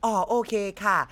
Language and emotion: Thai, happy